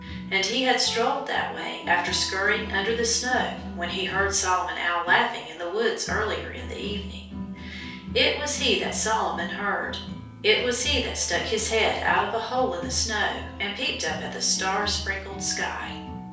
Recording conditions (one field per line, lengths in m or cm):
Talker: one person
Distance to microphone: 3.0 m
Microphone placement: far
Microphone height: 1.8 m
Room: small (3.7 m by 2.7 m)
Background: music